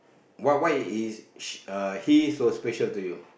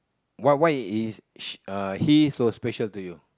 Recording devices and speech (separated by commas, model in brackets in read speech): boundary microphone, close-talking microphone, conversation in the same room